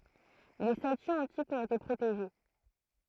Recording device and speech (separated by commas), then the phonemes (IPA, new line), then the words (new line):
throat microphone, read sentence
le statyz ɑ̃tikz ɔ̃t ete pʁoteʒe
Les statues antiques ont été protégées.